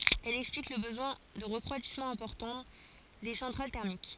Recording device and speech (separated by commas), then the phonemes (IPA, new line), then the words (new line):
forehead accelerometer, read sentence
ɛl ɛksplik lə bəzwɛ̃ də ʁəfʁwadismɑ̃ ɛ̃pɔʁtɑ̃ de sɑ̃tʁal tɛʁmik
Elle explique le besoin de refroidissement important des centrales thermiques.